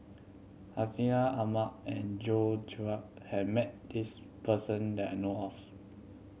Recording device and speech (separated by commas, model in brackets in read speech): mobile phone (Samsung C7100), read sentence